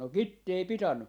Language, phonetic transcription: Finnish, no "kitti ei 'pitanu .
- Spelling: no kitti ei pitänyt

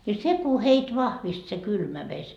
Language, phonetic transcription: Finnish, ja "seku 'heit 'vahvist se "kylmä 'veś .
- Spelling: ja se kun heitä vahvisti se kylmä vesi

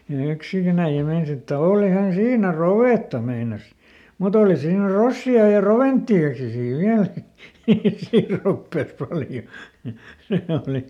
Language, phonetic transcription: Finnish, ja , ja ˈyksikin ‿äiʲä ˈmeinas ‿että » "oolihan ˈsiinä "rovètta » meinas , » muˈt ‿ooli siinä ˈrossi₍a ja "roventti₍aki sii ˈviäl » , sii ˈroppès ˈpaljo .
- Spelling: ja ja yksikin äijä meinasi että olihan siinä rovetta meinasi mutta oli siinä rossia ja roventtiakin siinä vielä siinä ropeessa paljon

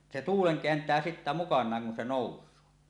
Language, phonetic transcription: Finnish, se "tuuleŋ "keänt̀ää sittä 'mukaǹaaŋ kun se 'nòus̀ö .
- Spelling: se tuulen kääntää sitten mukanaan kun se nousee

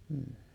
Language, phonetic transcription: Finnish, m̥ .
- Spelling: mm

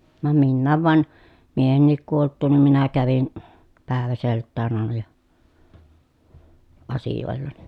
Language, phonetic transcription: Finnish, vam minnääv van , miehennik kuolt̆tuun nim minä kävin , pä̀eväselttään ‿àena ja , asijòellani .
- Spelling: vaan minäkin vaan miehenikin kuoltua niin minä kävin päiväseltään aina ja asioillani

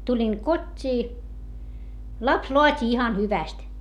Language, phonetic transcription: Finnish, tuĺiŋ kot́t́ii , laps loat́i ihan hyväst .
- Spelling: tulin kotiin lapsi laati ihan hyvästi

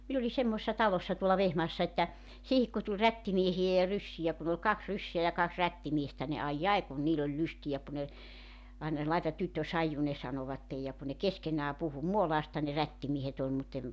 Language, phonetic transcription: Finnish, 'min ‿oli 'semmoᵉssa 'talossa tuolla 'Vehmaassa että , 'siihik ku tuĺ 'rättimiehijä ja 'ryssijä kun ‿ol 'kaks 'rysseä ja 'kaks 'rättimiestä ni 'aij"j ‿ai kun 'niil ‿oĺ 'lystijä ku ne , aina , » 'laetat 'tyttö "saiju « ne 'sanovattej ja ku ne "keskeǹää 'puhu "Muolaasta ne "rättimiehet ‿ol mutt ‿em ,.
- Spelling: minä olin semmoisessa talossa tuolla Vehmaassa että siihen kun tuli rättimiehiä ja ryssiä kun oli kaksi ryssää ja kaksi rättimiestä niin ai ai kun niillä oli lystiä kun ne aina laita tyttö saiju ne sanoivat ja kun ne keskenään puhui Muolaasta ne rättimiehet oli mutta en

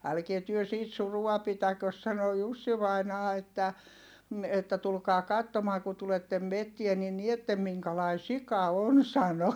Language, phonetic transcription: Finnish, » älkie työ siit surua pitäkös » sano Jussi vainaa että , m̥ että » tulkaa kattomaa ku tulettem mettie ni niettem miŋkalai sika on » sano .
- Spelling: älkää te siitä surua pitäkö sanoi Jussi vainaja että - että tulkaa katsomaan kun tulette metsään niin näette minkälainen sika on sanoi

